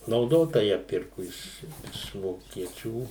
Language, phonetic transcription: Lithuanian, nauˈdota ˈją ˈpirku ˈiš iš vokieˈčių

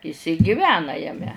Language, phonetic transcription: Lithuanian, is i giˈvena jaˈme

